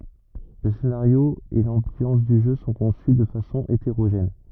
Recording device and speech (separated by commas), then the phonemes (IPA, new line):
rigid in-ear microphone, read sentence
lə senaʁjo e lɑ̃bjɑ̃s dy ʒø sɔ̃ kɔ̃sy də fasɔ̃ eteʁoʒɛn